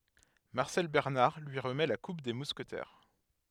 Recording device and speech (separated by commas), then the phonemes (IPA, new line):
headset microphone, read sentence
maʁsɛl bɛʁnaʁ lyi ʁəmɛ la kup de muskətɛʁ